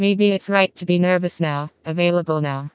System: TTS, vocoder